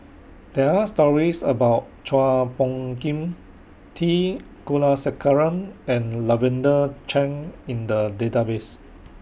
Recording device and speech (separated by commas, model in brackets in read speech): boundary microphone (BM630), read sentence